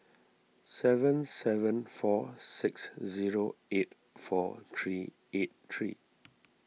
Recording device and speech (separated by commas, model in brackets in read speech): mobile phone (iPhone 6), read sentence